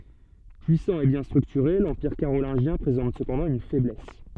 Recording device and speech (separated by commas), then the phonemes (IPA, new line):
soft in-ear microphone, read sentence
pyisɑ̃ e bjɛ̃ stʁyktyʁe lɑ̃piʁ kaʁolɛ̃ʒjɛ̃ pʁezɑ̃t səpɑ̃dɑ̃ yn fɛblɛs